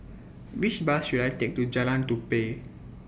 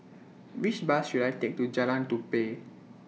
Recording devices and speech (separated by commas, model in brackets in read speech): boundary microphone (BM630), mobile phone (iPhone 6), read sentence